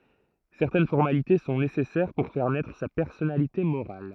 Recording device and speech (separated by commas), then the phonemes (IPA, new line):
throat microphone, read sentence
sɛʁtɛn fɔʁmalite sɔ̃ nesɛsɛʁ puʁ fɛʁ nɛtʁ sa pɛʁsɔnalite moʁal